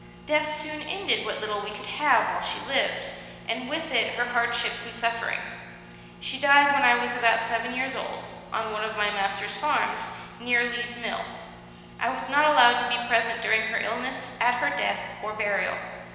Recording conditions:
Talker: one person; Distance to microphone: 1.7 m; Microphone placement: close; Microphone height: 1.0 m; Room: very reverberant, large; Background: none

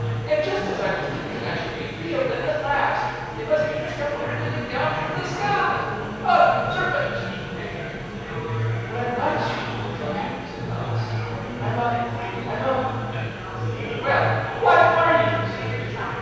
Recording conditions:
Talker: one person; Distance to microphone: 7.1 m; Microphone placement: far; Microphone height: 1.7 m; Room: very reverberant, large; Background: babble

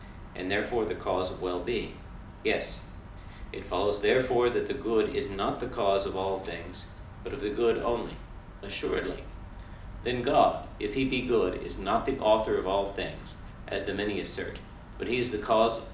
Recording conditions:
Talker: one person; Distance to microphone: 2.0 m; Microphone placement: close; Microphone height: 99 cm; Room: medium-sized (5.7 m by 4.0 m); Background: none

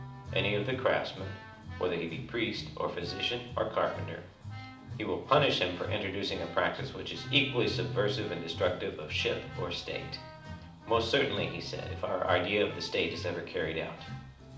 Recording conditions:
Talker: one person; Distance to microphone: 2.0 m; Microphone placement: close; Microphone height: 99 cm; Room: medium-sized (5.7 m by 4.0 m); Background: music

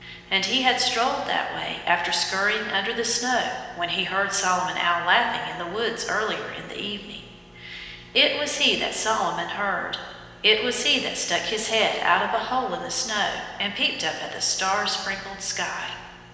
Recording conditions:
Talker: one person; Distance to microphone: 1.7 m; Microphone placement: close; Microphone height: 1.0 m; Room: very reverberant, large; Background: none

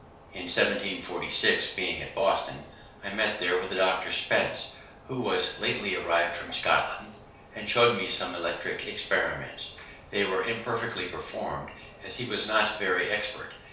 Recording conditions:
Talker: one person; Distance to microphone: 3.0 m; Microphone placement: far; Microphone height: 1.8 m; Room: small (3.7 m by 2.7 m); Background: none

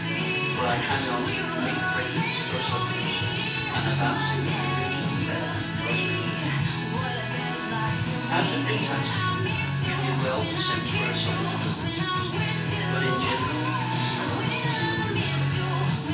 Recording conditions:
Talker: one person; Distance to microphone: 9.8 m; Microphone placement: far; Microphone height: 1.8 m; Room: large; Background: music

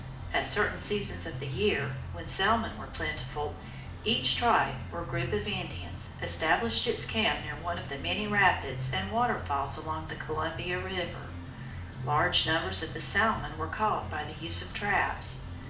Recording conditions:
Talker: one person; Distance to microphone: 2.0 m; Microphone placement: close; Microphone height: 99 cm; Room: medium-sized (5.7 m by 4.0 m); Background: music

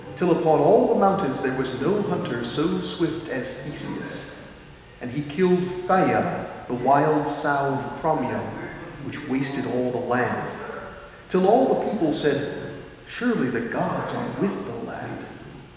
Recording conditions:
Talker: one person; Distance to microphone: 1.7 m; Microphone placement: close; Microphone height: 1.0 m; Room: very reverberant, large; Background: television

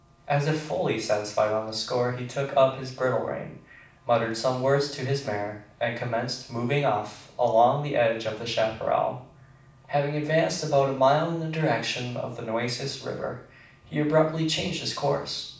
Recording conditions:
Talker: one person; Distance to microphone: 5.8 m; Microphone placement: far; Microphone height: 1.8 m; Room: medium-sized (5.7 m by 4.0 m); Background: none

